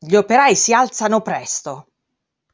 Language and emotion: Italian, angry